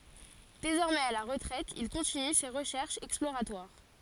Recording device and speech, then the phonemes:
forehead accelerometer, read sentence
dezɔʁmɛz a la ʁətʁɛt il kɔ̃tiny se ʁəʃɛʁʃz ɛksploʁatwaʁ

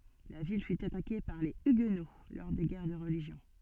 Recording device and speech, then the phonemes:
soft in-ear microphone, read sentence
la vil fy atake paʁ le yɡno lɔʁ de ɡɛʁ də ʁəliʒjɔ̃

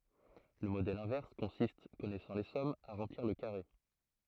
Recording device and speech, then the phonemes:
throat microphone, read sentence
lə modɛl ɛ̃vɛʁs kɔ̃sist kɔnɛsɑ̃ le sɔmz a ʁɑ̃pliʁ lə kaʁe

